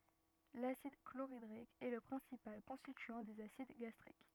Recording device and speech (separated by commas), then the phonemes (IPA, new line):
rigid in-ear microphone, read sentence
lasid kloʁidʁik ɛ lə pʁɛ̃sipal kɔ̃stityɑ̃ dez asid ɡastʁik